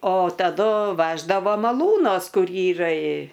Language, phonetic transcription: Lithuanian, o taˈdu ˈveždavo maˈlūnos ˈkur ˈyra i

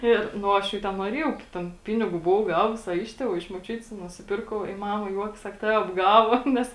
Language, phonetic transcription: Lithuanian, ˈir nu ˈaš jau ˈten nuoˈriejau ˈten ˈpinigų buˈvau ˈgavus a ˈiš tėˌvų a iš moˈčiutis nusiˈpirkau i ˈmama ˈjuokias ˈsak ˈtave apˈgavo ˈnes

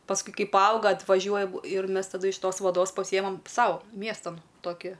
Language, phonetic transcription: Lithuanian, pasˈkui ˈkai paˈauga atvaˈžiuojam ir ˈmes taˈdu iš ˈtos vaˈdos paˈsijemam ˈsau ˈmiestan ˈtoki

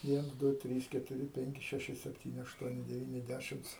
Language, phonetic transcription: Lithuanian, ˈviens ˈdu ˈtrys ketuˈri ˈpenki ˈšeši ˈseptyni ˈaštuoni deˈvyni ˈdæšims

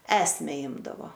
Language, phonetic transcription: Lithuanian, ˈesme ˈimdavo

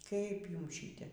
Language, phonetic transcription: Lithuanian, kaip ˈjums ˈšyte

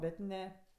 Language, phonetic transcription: Lithuanian, ˈbet ˈne

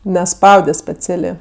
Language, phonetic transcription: Lithuanian, neˈspaude speˈcialė

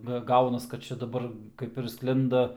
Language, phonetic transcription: Lithuanian, ˈga ˈgaunas kad ˈčia daˈbar ˈkaip ir ˈsklinda

